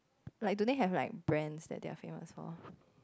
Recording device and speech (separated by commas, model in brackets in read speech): close-talking microphone, conversation in the same room